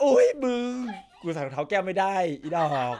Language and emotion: Thai, happy